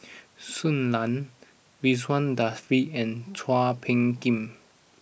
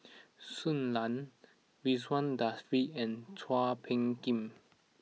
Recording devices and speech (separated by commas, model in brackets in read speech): boundary microphone (BM630), mobile phone (iPhone 6), read sentence